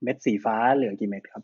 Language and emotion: Thai, neutral